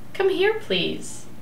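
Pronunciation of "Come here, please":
'Come here, please' is said as a request with a rising intonation.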